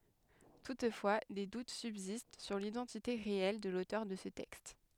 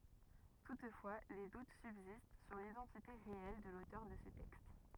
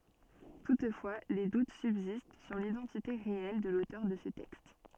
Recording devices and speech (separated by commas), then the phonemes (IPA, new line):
headset microphone, rigid in-ear microphone, soft in-ear microphone, read sentence
tutfwa de dut sybzist syʁ lidɑ̃tite ʁeɛl də lotœʁ də sə tɛkst